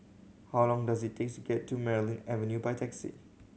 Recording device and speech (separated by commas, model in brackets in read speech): mobile phone (Samsung C7100), read sentence